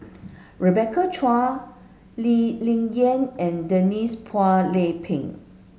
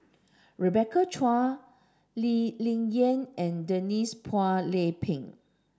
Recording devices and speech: mobile phone (Samsung S8), standing microphone (AKG C214), read sentence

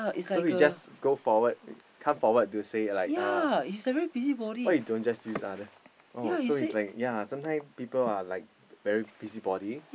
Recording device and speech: boundary microphone, conversation in the same room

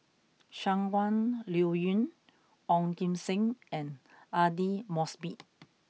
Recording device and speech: mobile phone (iPhone 6), read sentence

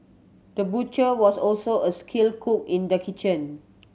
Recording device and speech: mobile phone (Samsung C7100), read sentence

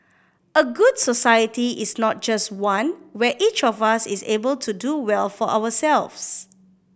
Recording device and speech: boundary microphone (BM630), read sentence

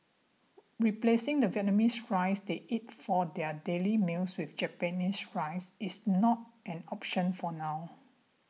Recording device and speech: mobile phone (iPhone 6), read sentence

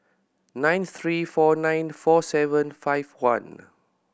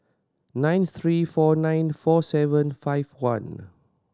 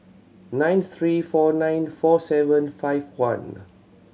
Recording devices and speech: boundary microphone (BM630), standing microphone (AKG C214), mobile phone (Samsung C7100), read sentence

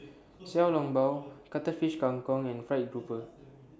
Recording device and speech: standing microphone (AKG C214), read sentence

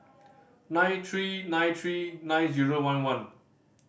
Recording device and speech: boundary microphone (BM630), read sentence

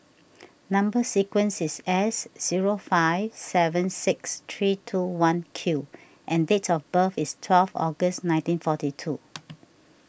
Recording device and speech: boundary microphone (BM630), read sentence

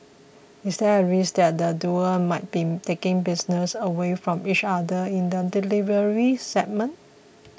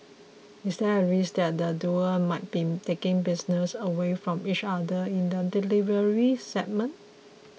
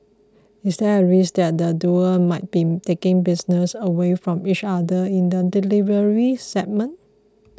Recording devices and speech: boundary microphone (BM630), mobile phone (iPhone 6), close-talking microphone (WH20), read sentence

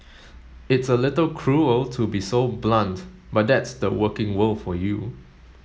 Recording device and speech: mobile phone (Samsung S8), read sentence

